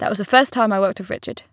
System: none